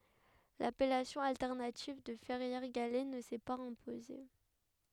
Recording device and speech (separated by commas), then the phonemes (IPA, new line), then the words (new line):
headset microphone, read sentence
lapɛlasjɔ̃ altɛʁnativ də fɛʁjɛʁ ɡalɛ nə sɛ paz ɛ̃poze
L'appellation alternative de Ferrières-Gallet ne s'est pas imposée.